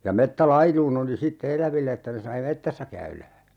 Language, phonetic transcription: Finnish, ja 'mettä"lailuun ‿oli sitte "eläville että sai "mettässä 'käylä .
- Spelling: ja metsälaidun oli sitten eläville että sai metsässä käydä

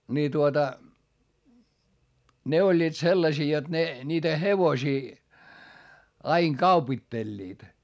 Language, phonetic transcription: Finnish, ni tuota , ne oĺĺiit sellasii jot ne , ńiitä hevosii , aiŋ kaupitteĺĺiit .
- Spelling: niin tuota ne olivat sellaisia jotta ne niitä hevosia aina kaupittelivat

